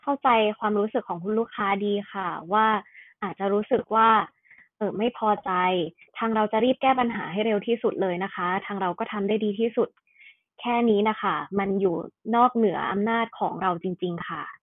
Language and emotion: Thai, neutral